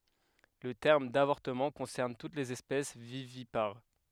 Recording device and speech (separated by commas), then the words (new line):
headset microphone, read sentence
Le terme d'avortement concerne toutes les espèces vivipares.